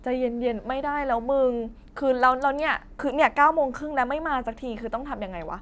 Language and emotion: Thai, frustrated